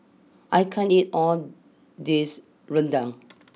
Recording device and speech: mobile phone (iPhone 6), read sentence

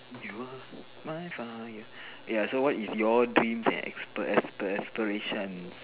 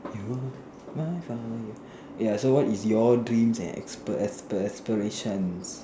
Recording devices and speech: telephone, standing microphone, conversation in separate rooms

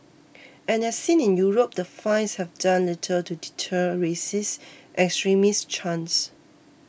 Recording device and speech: boundary microphone (BM630), read sentence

